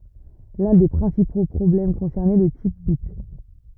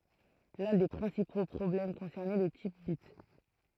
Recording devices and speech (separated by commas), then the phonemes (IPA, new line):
rigid in-ear microphone, throat microphone, read sentence
lœ̃ de pʁɛ̃sipo pʁɔblɛm kɔ̃sɛʁnɛ lə tip bit